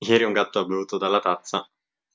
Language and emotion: Italian, happy